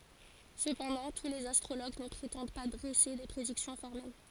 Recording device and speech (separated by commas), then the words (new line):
forehead accelerometer, read sentence
Cependant, tous les astrologues ne prétendent pas dresser des prédictions formelles.